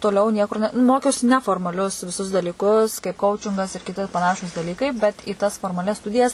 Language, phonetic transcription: Lithuanian, toˈliau niekur ˈne ˈmokiausi ˈneformaˌlius viˈsus dalyˈkus kaip ˈkaučingas mes ir kiˈti paˈnašūs daˈlykai bet į ˈtas formaˈlias ˈstudijas

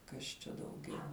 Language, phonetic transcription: Lithuanian, ˈkas čia dauˈgiau

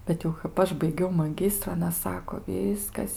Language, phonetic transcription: Lithuanian, bet jau kap ˈaš baiˈgiau maˈgistru aˈna ˈsako ˈvyskas

